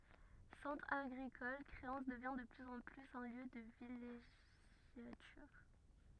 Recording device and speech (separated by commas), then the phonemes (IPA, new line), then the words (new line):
rigid in-ear microphone, read sentence
sɑ̃tʁ aɡʁikɔl kʁeɑ̃s dəvjɛ̃ də plyz ɑ̃ plyz œ̃ ljø də vileʒjatyʁ
Centre agricole, Créances devient de plus en plus un lieu de villégiature.